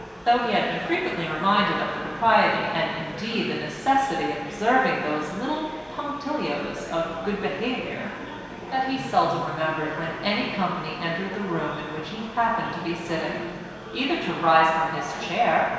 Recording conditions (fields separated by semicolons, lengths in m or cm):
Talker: one person; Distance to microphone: 1.7 m; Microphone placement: close; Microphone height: 1.0 m; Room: very reverberant, large; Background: babble